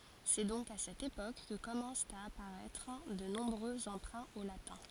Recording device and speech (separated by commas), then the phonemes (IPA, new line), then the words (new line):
forehead accelerometer, read sentence
sɛ dɔ̃k a sɛt epok kə kɔmɑ̃st a apaʁɛtʁ də nɔ̃bʁø ɑ̃pʁɛ̃ o latɛ̃
C'est donc à cette époque que commencent à apparaître de nombreux emprunts au latin.